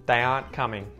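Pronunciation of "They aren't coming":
In 'aren't', the t is muted.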